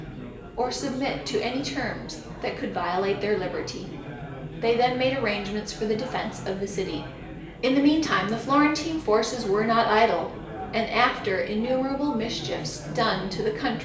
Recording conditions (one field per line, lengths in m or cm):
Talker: one person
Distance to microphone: 1.8 m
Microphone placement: close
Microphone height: 1.0 m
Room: large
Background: babble